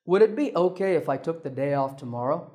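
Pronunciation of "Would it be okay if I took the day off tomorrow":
This request is said with a falling tone, which is the correct tone here and sounds polite.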